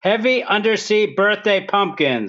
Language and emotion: English, fearful